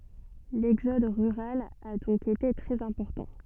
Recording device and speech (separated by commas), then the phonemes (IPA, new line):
soft in-ear microphone, read sentence
lɛɡzɔd ʁyʁal a dɔ̃k ete tʁɛz ɛ̃pɔʁtɑ̃